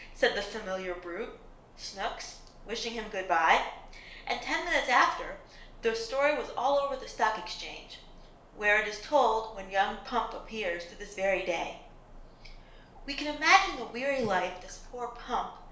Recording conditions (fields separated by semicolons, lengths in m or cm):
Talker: one person; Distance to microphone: 1.0 m; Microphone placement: close; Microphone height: 1.1 m; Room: small (3.7 m by 2.7 m); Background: none